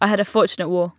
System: none